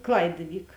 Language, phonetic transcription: Lithuanian, ˈklaid iˈvyk

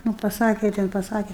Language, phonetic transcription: Lithuanian, nu paˈsake ˈten paˈsake

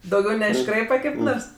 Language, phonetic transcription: Lithuanian, dauˈgiau neišˈkraipa kaip ˈnors

